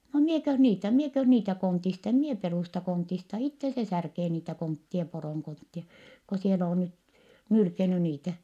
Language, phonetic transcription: Finnish, » no mieköh niitä , mieköh niitä kontist - em mie perùsta kontista itte se särkee niitä konttie poròŋ konttie , ko siel ‿oo nyt , nylkeny niitä .
- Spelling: no minäkös niitä minäkös niitä konteista en minä perusta konteista itse se särkee niitä kontteja poron kontteja kun siellä on nyt nylkenyt niitä

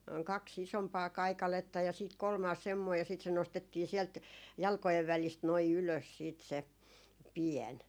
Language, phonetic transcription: Finnish, 'kak's ‿isompaa "kaikaletta ja siit 'kolmaas semmoi ja sìt se 'nostettii 'siɛlt , 'jalkojev välist noi 'ylös 'siit se , "piɛn .
- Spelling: kaksi isompaa kaikaletta ja sitten kolmas semmoinen ja sitten se nostettiin sieltä jalkojen välistä noin ylös sitten se pieni

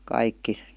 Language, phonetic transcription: Finnish, 'kaikki .
- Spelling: kaikki

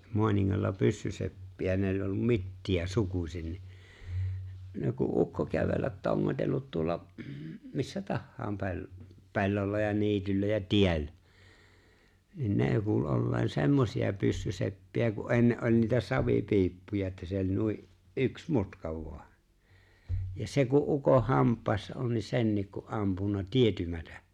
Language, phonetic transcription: Finnish, 'moaniŋŋalla "pyssyseppi₍ä 'ne ‿ᵒĺ ollum "Mitti₍ä "sukusin ni , ne ku’ '’ukko 'kävellät 'toŋŋotellut 'tuolla , m- , missä 'tahhaam 'pe̬l- , 'pe̬llolla ja 'niityllä ja "tie̬llä , niiŋ 'nè kuul '’olleen 'semmosi₍a 'pyssyseppi₍ä ku’ '’enne , ’oĺ niitä "savipiippuja että se ‿oĺ 'nui’ , '’yks "mutka vo̭a , ja 'se ku’ '’ukoh̆ 'hamp̀àessa on̬ ni 'sennik ku '’ampunna "tietymätᴀ̈ .
- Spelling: Maaningalla pyssyseppiä ne oli ollut Mittiä sukuisin niin ne kun ukko kävellä tongotellut tuolla - missä tahansa - pellolla ja niityllä ja tiellä niin ne kuuli olleen semmoisia pyssyseppiä kun ennen oli niitä savipiippuja että se oli noin yksi mutka vain ja se kun ukon hampaissa on niin senkin kun ampunut tietymättä

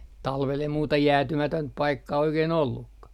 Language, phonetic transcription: Finnish, 'talvel ja muuta "jäätymätönt 'paikkaa oikein 'ollukka .
- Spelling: talvella ja muuta jäätymätöntä paikkaa oikein ollutkaan

